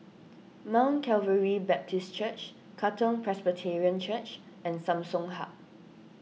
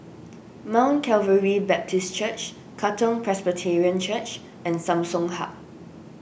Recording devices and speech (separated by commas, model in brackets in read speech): mobile phone (iPhone 6), boundary microphone (BM630), read sentence